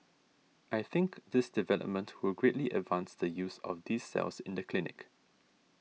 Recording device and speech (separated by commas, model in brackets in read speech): mobile phone (iPhone 6), read sentence